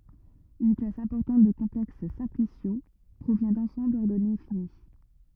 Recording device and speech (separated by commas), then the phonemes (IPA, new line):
rigid in-ear microphone, read sentence
yn klas ɛ̃pɔʁtɑ̃t də kɔ̃plɛks sɛ̃plisjo pʁovjɛ̃ dɑ̃sɑ̃blz ɔʁdɔne fini